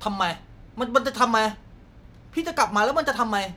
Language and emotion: Thai, frustrated